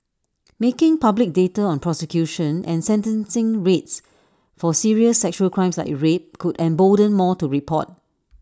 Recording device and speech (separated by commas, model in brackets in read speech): standing microphone (AKG C214), read sentence